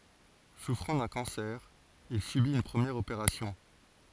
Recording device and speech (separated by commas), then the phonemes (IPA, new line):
forehead accelerometer, read sentence
sufʁɑ̃ dœ̃ kɑ̃sɛʁ il sybit yn pʁəmjɛʁ opeʁasjɔ̃